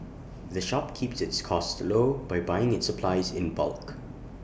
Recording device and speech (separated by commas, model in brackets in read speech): boundary microphone (BM630), read sentence